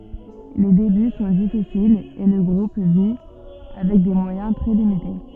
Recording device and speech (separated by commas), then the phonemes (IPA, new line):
soft in-ear microphone, read sentence
le deby sɔ̃ difisilz e lə ɡʁup vi avɛk de mwajɛ̃ tʁɛ limite